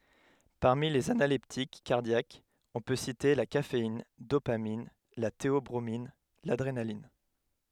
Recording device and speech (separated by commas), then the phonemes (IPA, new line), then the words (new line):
headset microphone, read sentence
paʁmi lez analɛptik kaʁdjakz ɔ̃ pø site la kafein dopamin la teɔbʁomin ladʁenalin
Parmi les analeptiques cardiaques, on peut citer la caféine, dopamine, la théobromine, l'adrénaline.